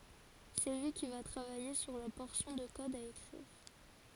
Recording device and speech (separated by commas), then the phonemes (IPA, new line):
forehead accelerometer, read sentence
sɛ lyi ki va tʁavaje syʁ la pɔʁsjɔ̃ də kɔd a ekʁiʁ